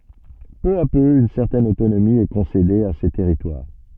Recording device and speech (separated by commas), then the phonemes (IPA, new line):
soft in-ear microphone, read sentence
pø a pø yn sɛʁtɛn otonomi ɛ kɔ̃sede a se tɛʁitwaʁ